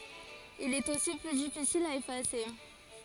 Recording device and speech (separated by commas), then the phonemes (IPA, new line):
forehead accelerometer, read sentence
il ɛt osi ply difisil a efase